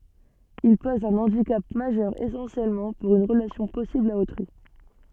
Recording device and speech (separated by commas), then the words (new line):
soft in-ear microphone, read sentence
Il pose un handicap majeur essentiellement pour une relation possible à autrui.